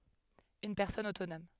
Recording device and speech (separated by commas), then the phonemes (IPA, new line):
headset microphone, read sentence
yn pɛʁsɔn otonɔm